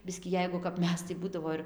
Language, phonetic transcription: Lithuanian, ˈbiskį ˈjeigu kap ˈmes tai ˈbūdavo ir

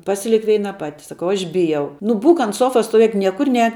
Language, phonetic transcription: Lithuanian, ˈpasilik ˈveina ˈpati saˈkau ˈaš ˈbijau nu ˈbūk ant ˈsofas stoˈvėk ˈniekur ˈnēk

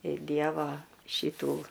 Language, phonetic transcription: Lithuanian, i ˈdievo ˈšitų

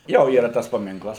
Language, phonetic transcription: Lithuanian, ˈjo ˈyra ˈtas paˈminklas

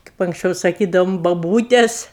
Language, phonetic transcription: Lithuanian, kaip anksˈčiau saˈkydaum baˈbūtes

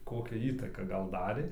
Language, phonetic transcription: Lithuanian, ˈkokią ˈįtaką ˈgal ˈdarė

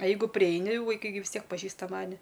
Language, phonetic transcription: Lithuanian, a ˈjeigu priˈeini vaiˈkai gi vis ˈtiek paˈžįsta ˈmani

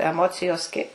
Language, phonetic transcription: Lithuanian, eˈmocijos ˈkaip

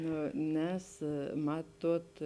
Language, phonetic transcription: Lithuanian, ˈnu ˈnes ˈmaˌtuot

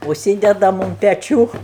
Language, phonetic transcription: Lithuanian, užˈsydedam un peˈčių

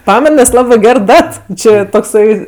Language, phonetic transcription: Lithuanian, ˈpamen nes ˈlabɜ ˈger ˈdat ˈči tokˈsai

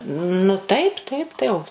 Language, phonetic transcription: Lithuanian, nu ˈtaip ˈtaip tai o

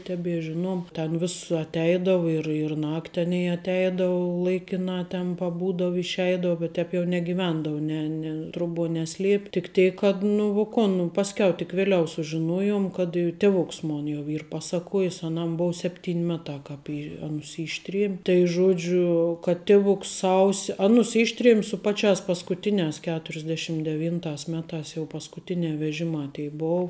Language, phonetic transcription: Lithuanian, ˈtebie ˈžiˌnuom ˈten vis atˈeidavu ir ir ˈnakt' ˈaˌnėi atˈeidau ˈlaikinā ten paˈbūdav išˈeidau bet ˈtēp jau negiˈvendau ˈne ne truˈbuo ˈneˌsliep' tik ˈtėk kad nu vu ˈkon pasˈkiau tik veˈliau sužiˈnoˌjom kad je tiˈvoks ˈmon jau ˈyr ˈpasaˌkojis aˈnam ˈbou ˈsepˌtyn' ˈmeˌtā ˈkāp ˈy ˈanus ˈyštriem' tai ˈžodžiu kad ˈtiˌvuks ˈsausi ˈanus ˈištriem' su ˈpaˌčiās paskuˈtiniās keturisˈdešim deˈvyntās ˈmetās jau paskuˈtinē veˈžimā tei ˈbou

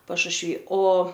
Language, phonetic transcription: Lithuanian, pašušˈvy o

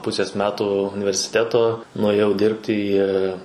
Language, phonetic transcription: Lithuanian, ˈpusės ˈmetų universiˈteto nuėˈjau ˈdirbti į

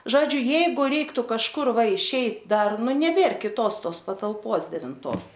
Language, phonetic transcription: Lithuanian, ˈžodžiu ˈjeigu ˈreiktu kažˈkur ˈva išˈeit ˈdar ˈnu neˈbėr kiˈtos ˈtos patalˈpos devinˈtos

